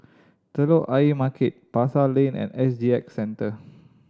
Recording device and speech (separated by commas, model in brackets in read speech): standing microphone (AKG C214), read sentence